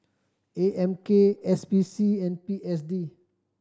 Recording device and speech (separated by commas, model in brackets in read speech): standing microphone (AKG C214), read sentence